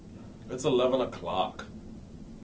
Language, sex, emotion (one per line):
English
male
disgusted